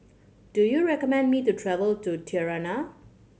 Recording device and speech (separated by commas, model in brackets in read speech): mobile phone (Samsung C7100), read sentence